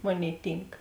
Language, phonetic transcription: Lithuanian, ˈmoˌnėi ˈtynk

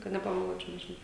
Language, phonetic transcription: Lithuanian, kad nepameˈluočiau nežiˈnau

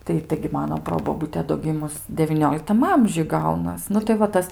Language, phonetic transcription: Lithuanian, ˈtai ˈtaigi ˈmano ˈprobobute do ˈgimus devyˈnioliktam ˈamžiuj ˈgaunas ˈnu tai va ˈtas

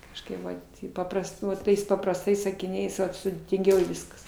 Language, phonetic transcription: Lithuanian, kažˈkaip ˈvat i ˈpaprast ˈnu ˈtais paprasˈtais sakiˈniais ˈvat sudėtinˈgiau ˈviskas

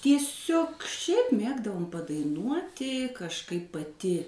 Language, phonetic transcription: Lithuanian, tieˈsiog ˈšiaip ˈmėgdavom padaiˈnuoti kažˈkaip paˈti

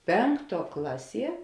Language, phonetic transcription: Lithuanian, ˈpenkˌtuo ˈklaˌsie

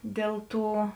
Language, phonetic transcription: Lithuanian, ˈdėl ˌtų

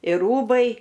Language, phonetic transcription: Lithuanian, ir ˈrūbai

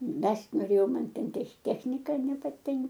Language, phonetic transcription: Lithuanian, ˈmest' noˈrėjau ˈman ˈten tech ˈtechnika nepaˈtink

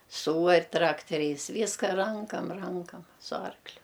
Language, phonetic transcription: Lithuanian, ˈsūar' ˈtrakteriais ˈvyska ˈrankam ˈrankam su ˈarkliu

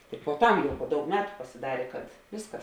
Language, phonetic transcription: Lithuanian, tik puoˈtam po ˈdaug ˈmetu pasiˈdarė kad ˈviskas

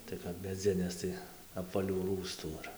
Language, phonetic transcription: Lithuanian, tai ˈkap meˈdzinės ˈtai apvaˈlių ˈrųstų ir

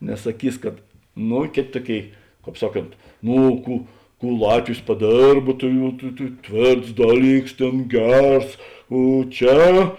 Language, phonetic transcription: Lithuanian, nes saˈkys kad ˈno ˈkėt' ˈtuoˌkėi ˈkāp ˈsaˌkont ˈno ˈkų ˈkų ˈlatvis paˈdėrb tai jau tai tai ˈtvėrts ˈdaˌlyks ˈtėn ˈgers o ˈčia

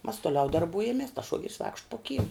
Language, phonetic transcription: Lithuanian, mas toˈliau darˈbujamies tas ˈšuogeris vaikšt po kym

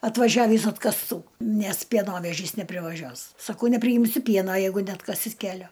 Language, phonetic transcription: Lithuanian, atvaˈžiavįs atkasˈtų ˈnes pieˈnovežys neprivaˈžiuos saˈkau nepriˈjimsiu ˈpiena ˈjeigu neatˈkasit ˈkelio

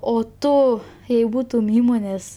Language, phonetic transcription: Lithuanian, o ˈtu jei ˈbūtum ˈįmonės

